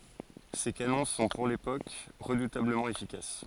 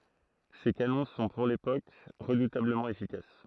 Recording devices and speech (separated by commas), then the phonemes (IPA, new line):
forehead accelerometer, throat microphone, read sentence
se kanɔ̃ sɔ̃ puʁ lepok ʁədutabləmɑ̃ efikas